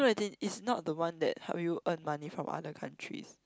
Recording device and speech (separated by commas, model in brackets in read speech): close-talking microphone, conversation in the same room